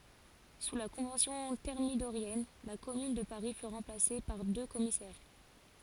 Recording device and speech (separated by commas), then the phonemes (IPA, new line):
forehead accelerometer, read sentence
su la kɔ̃vɑ̃sjɔ̃ tɛʁmidoʁjɛn la kɔmyn də paʁi fy ʁɑ̃plase paʁ dø kɔmisɛʁ